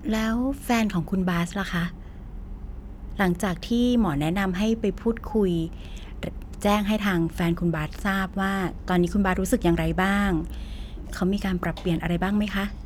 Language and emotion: Thai, neutral